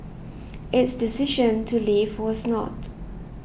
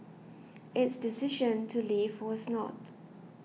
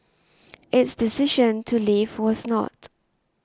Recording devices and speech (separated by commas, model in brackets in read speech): boundary microphone (BM630), mobile phone (iPhone 6), standing microphone (AKG C214), read sentence